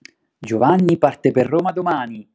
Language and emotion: Italian, happy